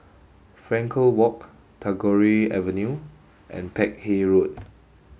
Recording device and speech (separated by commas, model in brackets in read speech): mobile phone (Samsung S8), read sentence